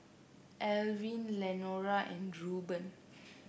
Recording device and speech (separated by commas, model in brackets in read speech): boundary microphone (BM630), read sentence